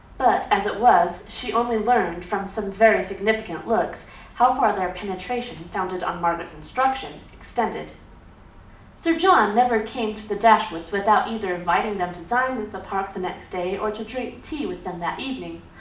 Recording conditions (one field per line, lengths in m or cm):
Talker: one person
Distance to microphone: 2.0 m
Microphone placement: close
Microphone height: 99 cm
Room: medium-sized (5.7 m by 4.0 m)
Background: none